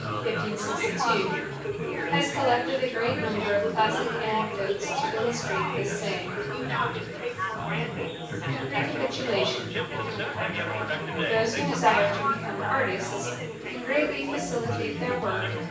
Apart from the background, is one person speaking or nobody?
One person.